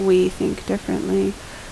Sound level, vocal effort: 76 dB SPL, normal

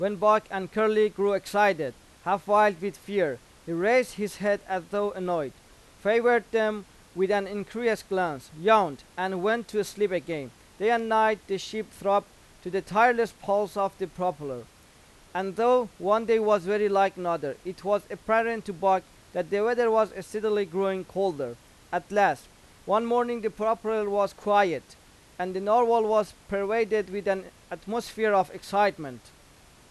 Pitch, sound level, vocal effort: 200 Hz, 95 dB SPL, loud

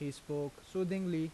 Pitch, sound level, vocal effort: 160 Hz, 85 dB SPL, normal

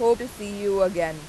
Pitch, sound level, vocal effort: 200 Hz, 93 dB SPL, loud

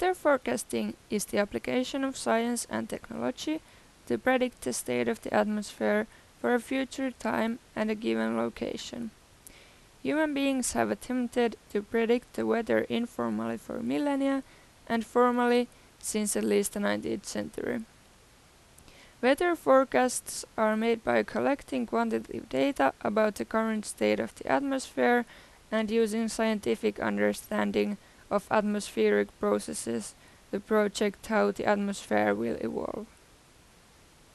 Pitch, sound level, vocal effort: 215 Hz, 84 dB SPL, normal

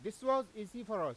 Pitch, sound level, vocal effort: 220 Hz, 98 dB SPL, very loud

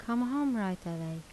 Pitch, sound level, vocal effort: 190 Hz, 83 dB SPL, soft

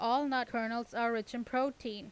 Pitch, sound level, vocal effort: 235 Hz, 90 dB SPL, loud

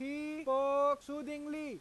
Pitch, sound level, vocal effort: 290 Hz, 100 dB SPL, very loud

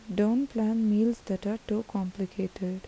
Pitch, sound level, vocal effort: 210 Hz, 78 dB SPL, soft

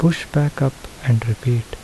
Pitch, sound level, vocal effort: 135 Hz, 71 dB SPL, soft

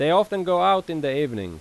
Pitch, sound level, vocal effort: 165 Hz, 93 dB SPL, very loud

